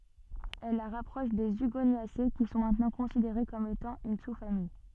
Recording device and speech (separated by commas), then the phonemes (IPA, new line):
soft in-ear microphone, read sentence
ɛl la ʁapʁɔʃ de yɡonjase ki sɔ̃ mɛ̃tnɑ̃ kɔ̃sideʁe kɔm etɑ̃ yn susfamij